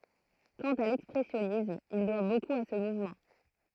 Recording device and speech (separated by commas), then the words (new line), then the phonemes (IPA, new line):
throat microphone, read sentence
Quant à l'expressionnisme, il doit beaucoup à ce mouvement.
kɑ̃t a lɛkspʁɛsjɔnism il dwa bokup a sə muvmɑ̃